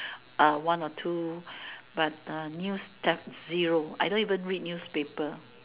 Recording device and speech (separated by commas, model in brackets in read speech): telephone, conversation in separate rooms